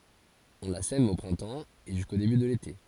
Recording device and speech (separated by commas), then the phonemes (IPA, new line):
forehead accelerometer, read sentence
ɔ̃ la sɛm o pʁɛ̃tɑ̃ e ʒysko deby də lete